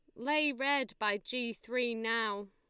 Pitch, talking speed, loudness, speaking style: 230 Hz, 155 wpm, -33 LUFS, Lombard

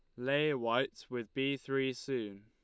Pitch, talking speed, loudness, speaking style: 130 Hz, 160 wpm, -35 LUFS, Lombard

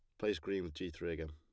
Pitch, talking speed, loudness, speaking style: 90 Hz, 320 wpm, -40 LUFS, plain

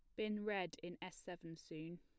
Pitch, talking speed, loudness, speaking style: 175 Hz, 200 wpm, -46 LUFS, plain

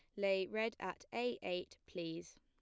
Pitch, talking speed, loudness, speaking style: 195 Hz, 165 wpm, -41 LUFS, plain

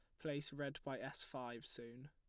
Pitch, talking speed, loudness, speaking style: 135 Hz, 190 wpm, -47 LUFS, plain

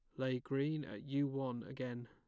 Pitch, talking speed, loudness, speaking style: 130 Hz, 195 wpm, -40 LUFS, plain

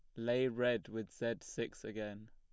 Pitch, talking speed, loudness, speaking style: 110 Hz, 170 wpm, -39 LUFS, plain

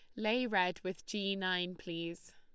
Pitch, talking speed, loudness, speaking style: 185 Hz, 165 wpm, -36 LUFS, Lombard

